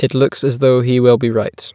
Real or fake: real